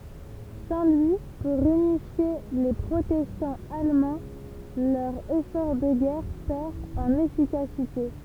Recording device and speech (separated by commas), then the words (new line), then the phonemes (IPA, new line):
temple vibration pickup, read sentence
Sans lui pour unifier les protestants allemands, leur effort de guerre perd en efficacité.
sɑ̃ lyi puʁ ynifje le pʁotɛstɑ̃z almɑ̃ lœʁ efɔʁ də ɡɛʁ pɛʁ ɑ̃n efikasite